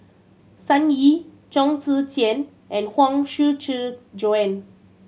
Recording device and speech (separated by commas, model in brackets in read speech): mobile phone (Samsung C7100), read sentence